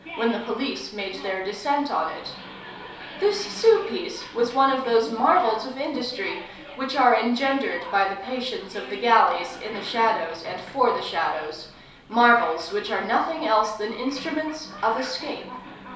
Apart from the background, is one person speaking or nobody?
One person.